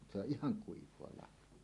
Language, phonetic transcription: Finnish, se ‿oˀ "ˀihaŋ 'kuiv̀oa lah̆hoa .
- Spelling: se on ihan kuivaa lahoa

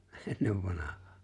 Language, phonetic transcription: Finnish, '’ennev vanah̀aa .
- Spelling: ennen vanhaan

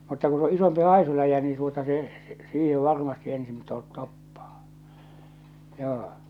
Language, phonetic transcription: Finnish, mutta ku s ‿o 'isompi 'hàisuläjä nii tuota se , 'siihe 'varmasti ensin to- , 'toppᴀᴀ , 'joo .
- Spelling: mutta kun se on isompi haisuläjä niin tuota se siihen varmasti ensin - toppaa joo

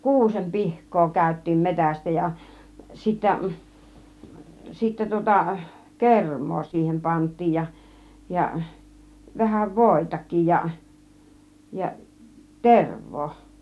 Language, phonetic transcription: Finnish, kuusem "pihk̆koo kä̀yt̆tiim "metästä ja 'sittä , 'sittä tŭŏta , "kerm̆moo 'siihem "panttiij ja , ja 'vähäv "vòitak̆kij ja , ja "terv̆voo .
- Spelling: kuusen pihkaa käytiin metsästä ja sitten sitten tuota kermaa siihen pantiin ja ja vähän voitakin ja ja tervaa

